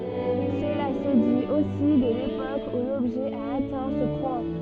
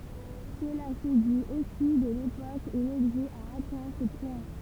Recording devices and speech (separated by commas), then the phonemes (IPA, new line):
soft in-ear microphone, temple vibration pickup, read sentence
səla sə dit osi də lepok u lɔbʒɛ a atɛ̃ sə pwɛ̃